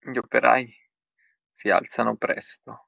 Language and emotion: Italian, fearful